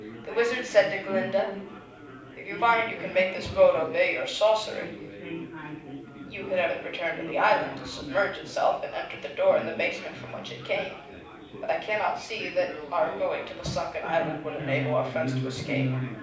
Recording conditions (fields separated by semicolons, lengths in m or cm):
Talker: one person; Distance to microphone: 5.8 m; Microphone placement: far; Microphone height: 1.8 m; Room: medium-sized (5.7 m by 4.0 m); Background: babble